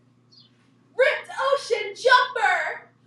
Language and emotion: English, happy